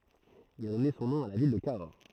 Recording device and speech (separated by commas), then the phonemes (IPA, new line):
throat microphone, read sentence
il a dɔne sɔ̃ nɔ̃ a la vil də kaɔʁ